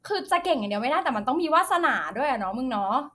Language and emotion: Thai, happy